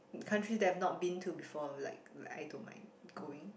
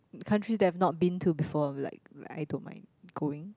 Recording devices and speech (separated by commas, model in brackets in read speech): boundary microphone, close-talking microphone, conversation in the same room